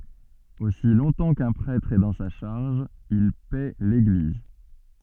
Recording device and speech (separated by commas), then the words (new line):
soft in-ear microphone, read sentence
Aussi longtemps qu’un prêtre est dans sa charge, il paît l’Église.